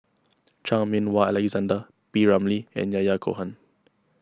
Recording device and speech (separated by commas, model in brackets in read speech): close-talking microphone (WH20), read sentence